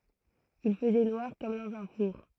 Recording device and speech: throat microphone, read sentence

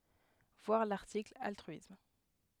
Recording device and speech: headset microphone, read sentence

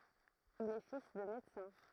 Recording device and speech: throat microphone, read sentence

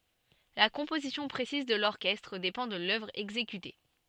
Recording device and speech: soft in-ear microphone, read sentence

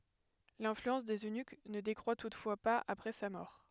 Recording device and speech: headset microphone, read sentence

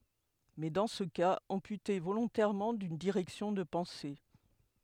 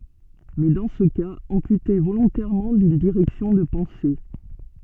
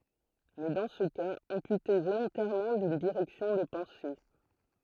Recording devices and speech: headset microphone, soft in-ear microphone, throat microphone, read sentence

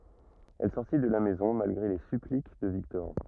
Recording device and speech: rigid in-ear microphone, read sentence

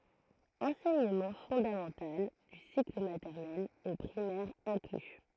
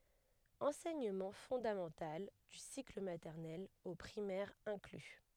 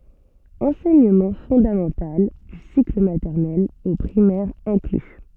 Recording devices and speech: throat microphone, headset microphone, soft in-ear microphone, read sentence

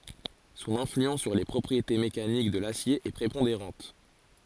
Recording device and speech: forehead accelerometer, read sentence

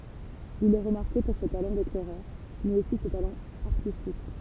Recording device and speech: temple vibration pickup, read sentence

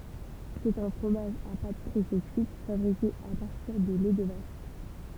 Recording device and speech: temple vibration pickup, read sentence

